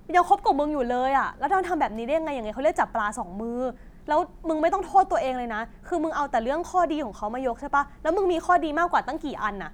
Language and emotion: Thai, angry